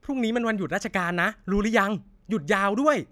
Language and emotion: Thai, happy